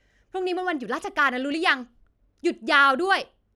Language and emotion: Thai, angry